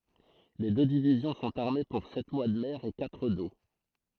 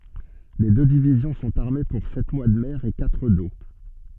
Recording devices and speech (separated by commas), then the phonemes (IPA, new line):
throat microphone, soft in-ear microphone, read sentence
le dø divizjɔ̃ sɔ̃t aʁme puʁ sɛt mwa də mɛʁ e katʁ do